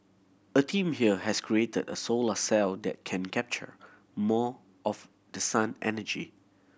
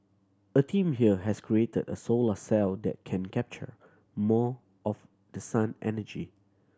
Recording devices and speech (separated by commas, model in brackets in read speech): boundary microphone (BM630), standing microphone (AKG C214), read sentence